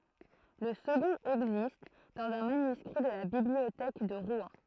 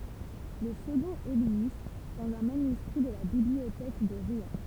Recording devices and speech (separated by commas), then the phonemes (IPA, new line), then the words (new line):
throat microphone, temple vibration pickup, read sentence
lə səɡɔ̃t ɛɡzist dɑ̃z œ̃ manyskʁi də la bibliotɛk də ʁwɛ̃
Le second existe dans un manuscrit de la Bibliothèque de Rouen.